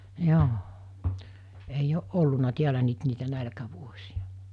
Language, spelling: Finnish, joo ei ole ollut täällä nyt niitä nälkävuosia
- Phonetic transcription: 'joo , ei'j ‿o’ '’olluna 'tiälä 'nyt niitä 'nälkävuosi₍a .

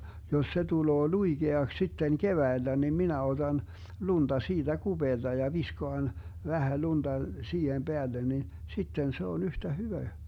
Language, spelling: Finnish, jos se tulee luikeaksi sitten keväällä niin minä otan lunta siitä kupeelta ja viskaan vähän lunta siihen päälle niin sitten se on yhtä hyvä
- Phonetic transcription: jos se 'tuloo "luiGeaks sitten "keväillä nim 'minä 'oDan , 'lunDa 'siiDä "GuBeelDa ja 'viskoan , 'vähä 'lunDa 'siihem 'Beällen nin , 'sitten se on 'yhtä "hyvä .

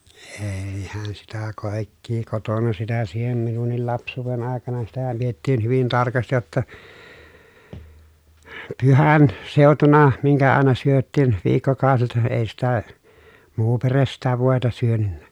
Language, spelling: Finnish, eihän sitä kaikkea kotona sitä siihen minunkin lapsuuden aikana sitähän pidettiin hyvin tarkasti jotta - pyhänseutuna minkä aina syötiin viikkokaudet ei sitä muu perhe sitä voita syönyt
- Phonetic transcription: eei̮hän sitä kàikkii kotona sitä siihem minunnil laps̀uuven àekana sitähäm piettiin hyvin tarkastij jotta , pyhän- , -sèutuna miŋkä àena syöttiin , viikkokào(set) èi̮ sitä , muu peres sitä vòeta syönynnä .

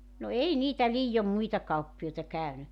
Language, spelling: Finnish, no ei niitä liioin muita kauppiaita käynyt
- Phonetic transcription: no 'ei 'niitä 'liijom 'muita kauppi₍oita 'kä̀yny .

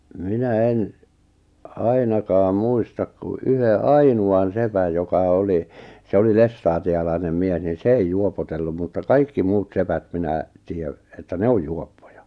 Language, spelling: Finnish, minä en ainakaan muista kuin yhden ainoan sepän joka oli se oli lestadiolainen mies niin se ei juopotellut mutta kaikki muut sepät minä tiedän että ne on juoppoja
- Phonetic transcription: 'minä 'en , 'ainakaa 'muistak ku '’yhe "ainu₍an 'sepäj joka 'oli , 'se oli "lestaati₍alainem 'mies nin̬ "se ei 'juopotellum mutta "kaikki 'muut 'sepät 'minä , 'tì₍ä , että "ne oj 'juoppojᴀ .

